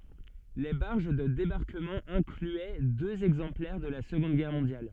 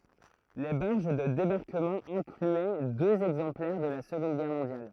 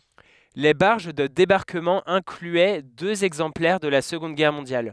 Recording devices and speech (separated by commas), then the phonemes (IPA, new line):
soft in-ear microphone, throat microphone, headset microphone, read sentence
le baʁʒ də debaʁkəmɑ̃ ɛ̃klyɛ døz ɛɡzɑ̃plɛʁ də la səɡɔ̃d ɡɛʁ mɔ̃djal